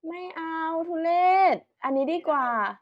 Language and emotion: Thai, happy